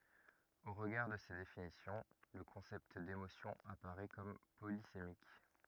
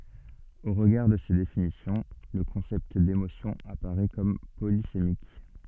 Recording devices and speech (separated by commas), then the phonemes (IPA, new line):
rigid in-ear microphone, soft in-ear microphone, read sentence
o ʁəɡaʁ də se definisjɔ̃ lə kɔ̃sɛpt demosjɔ̃ apaʁɛ kɔm polisemik